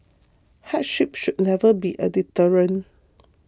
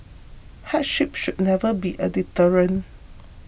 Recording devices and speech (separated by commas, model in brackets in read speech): close-talking microphone (WH20), boundary microphone (BM630), read sentence